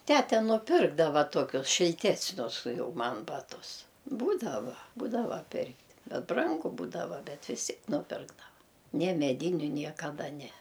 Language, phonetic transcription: Lithuanian, ˈtæte nuˈpirkdava ˈtuokius šilˈtesnius ˈjau ˈman ˈbatus ˈbūdava ˈbūdava ˈpirkt' ˈbet ˈbrangu ˈbūdava ˈbet vis ˈtiek nuˈpirkdava ne meˈdyniu niekaˈda ˈne

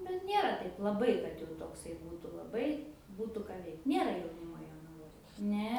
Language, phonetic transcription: Lithuanian, nu ˈnėra ˈtaip laˈbai kad jau tokˈsai ˈbūtu laˈbai ˈbūtu ˈką ˈveikt ˈnėra jauˈnimo jonaˈvoj ne

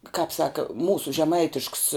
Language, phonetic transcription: Lithuanian, kap ˈsaka ˈmūsu žeˈmaitišks

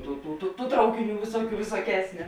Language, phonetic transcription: Lithuanian, ˈtų tų tų tų ˈtraukiˌnių ˈvisuoˌkių visuoˈkesniu

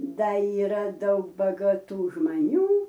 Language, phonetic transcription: Lithuanian, ˈda yˈra ˈdaug bagaˈtų žmaˈnių

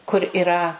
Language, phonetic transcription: Lithuanian, kur iˈra

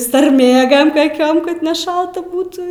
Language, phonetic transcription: Lithuanian, sarˈmėgam kaˈkiom kad neˈšalta ˈbūtų

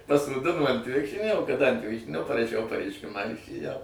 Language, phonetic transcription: Lithuanian, pasoˈdino ant ˈvikšrinio o kaˈdang ant ˈvikšrinio paraˈšiau pareišˈkimą ir išėˈjau

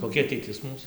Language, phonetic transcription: Lithuanian, koˈkia ateiˈtis ˈmūs

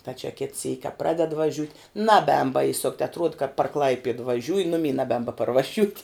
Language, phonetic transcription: Lithuanian, ta čia kit syk' ka ˈpraded vaˈžiut' naˈbēn baiˈsukt atˈruod kad par ˈklaipied vaˈžiūji ˈnumy naˈbēn baparvaˈžiūt'

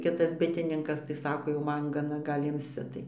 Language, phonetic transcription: Lithuanian, ˈkitas ˈbitininkas tai ˈsako jau ˈman gaˈna ˈgal' ˈimsi tai

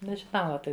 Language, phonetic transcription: Lithuanian, nežiˈnau ˈapi

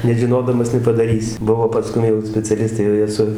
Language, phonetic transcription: Lithuanian, nežiˈnodamas nepadaˈrysi ˈbuvo paˈskum jau speciaˈlistai jau ˈjie su

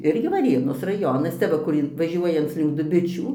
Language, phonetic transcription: Lithuanian, ˈirgi vaˈrėnos raˈjonas ˈcia va kur ˈin vaˈžiuojanc link duˈbičių

